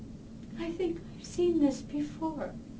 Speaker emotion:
sad